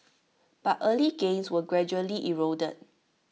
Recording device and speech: mobile phone (iPhone 6), read sentence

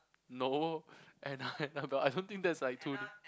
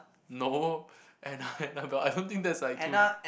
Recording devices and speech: close-talking microphone, boundary microphone, conversation in the same room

